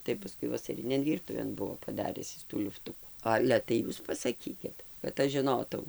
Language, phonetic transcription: Lithuanian, ˌtai paˈskui vasaˈrinėn ˈvyrtuvėn ˈbuvo paˈdaris ˈis tų ˈliuftuku ˈale tai ˈjūs pasaˈkykit kad ˈaš žiˈnotau

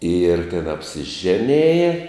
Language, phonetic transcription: Lithuanian, ir ten apsiˈženėja

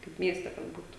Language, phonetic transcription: Lithuanian, kaip ˈmieste kad ˈbūtu

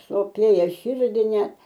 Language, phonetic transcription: Lithuanian, soˈpėja ˈširdi ne

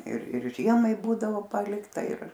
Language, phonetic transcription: Lithuanian, ir ir ˈžiemai ˈbūdavo ˈpalikta ir

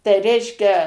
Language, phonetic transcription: Lithuanian, tai ˈreiškia

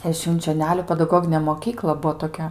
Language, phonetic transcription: Lithuanian, e švinčioˈneliu pedaˈgoginė moˈkykla ˈbuo toˈkia

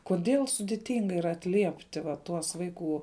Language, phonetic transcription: Lithuanian, koˈdėl sudiˈtinga yˈra atˈliepti va ˈtuos ˈvaiˌkų

